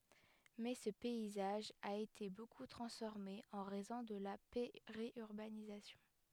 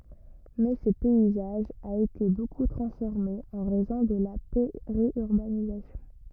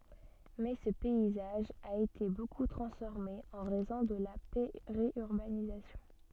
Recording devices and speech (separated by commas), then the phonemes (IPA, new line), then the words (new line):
headset microphone, rigid in-ear microphone, soft in-ear microphone, read sentence
mɛ sə pɛizaʒ a ete boku tʁɑ̃sfɔʁme ɑ̃ ʁɛzɔ̃ də la peʁjyʁbanizasjɔ̃
Mais ce paysage a été beaucoup transformé en raison de la périurbanisation.